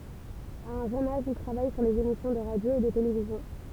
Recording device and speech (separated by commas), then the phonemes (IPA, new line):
temple vibration pickup, read sentence
a œ̃ ʒøn aʒ il tʁavaj syʁ lez emisjɔ̃ də ʁadjo e də televizjɔ̃